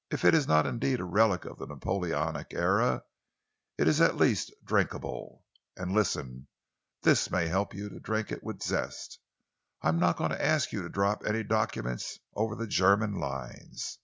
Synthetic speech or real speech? real